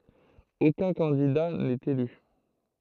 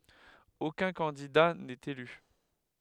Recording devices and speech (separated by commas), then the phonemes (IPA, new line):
throat microphone, headset microphone, read sentence
okœ̃ kɑ̃dida nɛt ely